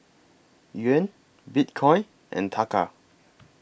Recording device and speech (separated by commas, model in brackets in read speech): boundary microphone (BM630), read sentence